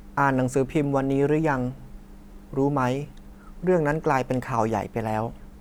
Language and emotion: Thai, neutral